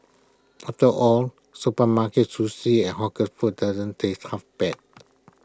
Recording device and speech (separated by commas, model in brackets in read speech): close-talking microphone (WH20), read sentence